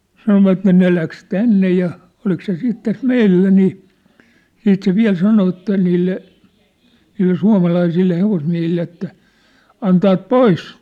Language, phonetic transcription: Finnish, 'sanovatte 'ne läks "tänne ja , 'olik se 'siit täs "meillä nii , 'siit se "viä̭l "sano että niille , niille 'sua̭malaisille 'hevosmiä̭hille että , » 'antaat "pois !
- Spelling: sanoivat ne lähti tänne ja oliko se sitten tässä meillä niin sitten se vielä sanoi että niille niille suomalaisille hevosmiehille että antavat pois

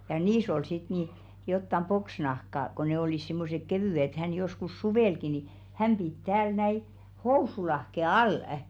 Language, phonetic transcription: Finnish, ja 'niis ‿ol sit ni , jottam "poksnahka ko 'ne olìs simmosek 'kevỳ₍ᵉ ĕt hän joskus 'suvèlki ni , "häm pit 'tääl näi , "housulahke 'al̀ᵊ .
- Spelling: ja niissä oli sitten niin jotakin poksinahkaa kun ne olivat semmoiset kevyet että hän joskus suvellakin niin hän piti täällä näin housunlahkeen alla

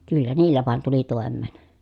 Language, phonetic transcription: Finnish, kyllä niillä vàen tuli tòem̆meen .
- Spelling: kyllä niillä vain tuli toimeen

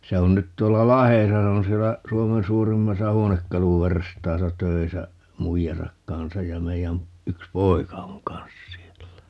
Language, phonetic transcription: Finnish, 'se on nyt 'tuolla "Lahesa - 'se on siellä , 'Suomen 'suurimmasa "huonekkaluverstaasa 'töisä , "muijasak 'kansaj ja 'meijän , 'yks "poika oŋ "kansas̆ siellä .
- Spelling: se on nyt tuolla Lahdessa se on siellä Suomen suurimmassa huonekaluverstaassa töissä muijansa kanssa ja meidän yksi poika on kanssa siellä

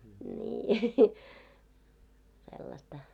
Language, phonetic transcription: Finnish, nii , sellasta .
- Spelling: niin sellaista

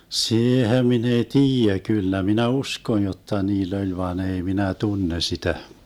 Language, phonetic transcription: Finnish, 'siihem 'min ‿ei "tiijä , 'kyllä minä "uskon jotta 'niill ‿oĺ vaa'n ‿ei minä 'tunne 'sitä .
- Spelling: siihen minä ei tiedä kyllä minä uskon jotta niillä oli vaan ei minä tunne sitä

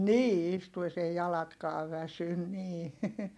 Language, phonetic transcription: Finnish, nii istues ‿ei jalatkaav väsyn nii .
- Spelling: niin istuessa ei jalatkaan väsy niin

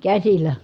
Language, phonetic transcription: Finnish, käsil̀ä .
- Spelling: käsillä

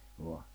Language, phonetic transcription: Finnish, voa .
- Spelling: vain

